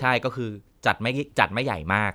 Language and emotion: Thai, neutral